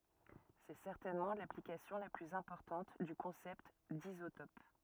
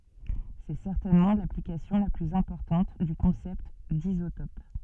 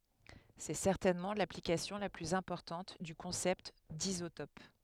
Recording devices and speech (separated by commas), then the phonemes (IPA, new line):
rigid in-ear microphone, soft in-ear microphone, headset microphone, read sentence
sɛ sɛʁtɛnmɑ̃ laplikasjɔ̃ la plyz ɛ̃pɔʁtɑ̃t dy kɔ̃sɛpt dizotɔp